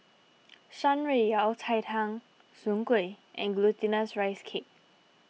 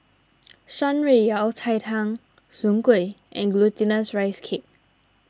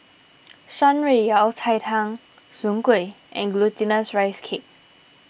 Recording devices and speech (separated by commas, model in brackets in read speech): mobile phone (iPhone 6), standing microphone (AKG C214), boundary microphone (BM630), read sentence